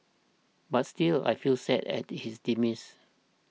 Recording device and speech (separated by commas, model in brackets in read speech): mobile phone (iPhone 6), read sentence